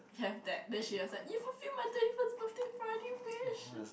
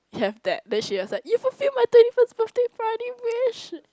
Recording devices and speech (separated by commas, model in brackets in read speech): boundary microphone, close-talking microphone, conversation in the same room